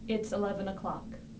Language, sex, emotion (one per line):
English
female
neutral